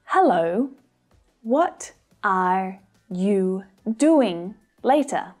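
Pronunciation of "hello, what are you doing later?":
In 'hello, what are you doing later?' the words are not linked together. That makes it easy to understand, but it isn't realistic, natural-sounding English.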